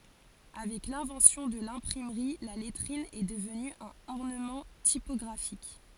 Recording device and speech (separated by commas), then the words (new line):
forehead accelerometer, read sentence
Avec l'invention de l'imprimerie, la lettrine est devenue un ornement typographique.